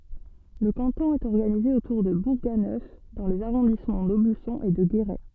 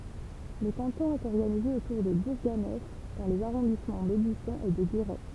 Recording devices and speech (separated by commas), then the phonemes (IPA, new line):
soft in-ear microphone, temple vibration pickup, read sentence
lə kɑ̃tɔ̃ ɛt ɔʁɡanize otuʁ də buʁɡanœf dɑ̃ lez aʁɔ̃dismɑ̃ dobysɔ̃ e də ɡeʁɛ